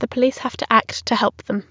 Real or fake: real